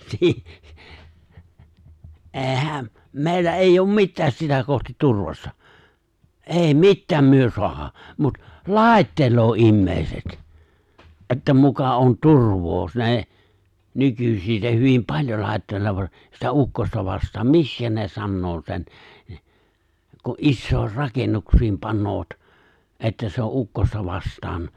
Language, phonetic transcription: Finnish, 'si- , '’e̬e̬ⁱhäm , 'mè̬illä '’èijj ‿oom "mittääs 'sitä kohtit 'turvassa , '’è̬i "mittääm myö 'soaha , mut , "laaⁱteloo 'immèiset , '’että muka on 'turv̀oo s- ne , 'nykysin ne 'hyvim "paĺjol 'lài̬tteloovat , sitä '’ukkosta vastaam "mikskä ne 'sannoo sen̬ , ku’ '’issòi̬r "rakennuks̀iim 'pannoovat , 'että se o '’ukkosta 'vast̀aan ,
- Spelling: - eihän meillä ei ole mitään sitä kohti turvassa ei mitään me saada mutta laittelee ihmiset että muka on turvaa - ne nykyisin ne hyvin paljon laittelevat sitä ukkosta vastaan miksi ne sanoo sen kun isoihin rakennuksiin panevat että se on ukkosta vastaan

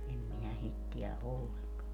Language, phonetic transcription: Finnish, 'em minä 'sit tiä 'ʼolleŋkan .
- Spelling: en minä sitä tiedä ollenkaan

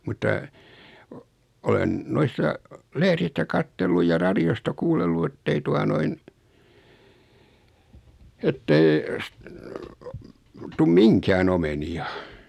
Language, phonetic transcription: Finnish, mutta , o- , 'olen , 'noissa , 'lehðistä kattelluj ja 'raðiosta kuullellu ettei 'tua noin , ettei , s- , 'tum "miŋkään ‿omeni₍a .
- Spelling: mutta - olen noissa lehdistä katsellut ja radiosta kuunnellut että ei tuota noin että ei - tule mihinkään omenia

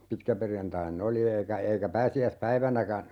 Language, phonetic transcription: Finnish, 'pitkäperjantain"n ‿oli 'eikä 'eikä 'pääsi₍äs"päivänäkä ,.
- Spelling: pitkäperjantaina oli eikä eikä pääsiäispäivänäkään

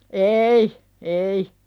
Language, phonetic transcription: Finnish, eei , ei .
- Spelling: ei ei

